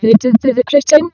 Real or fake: fake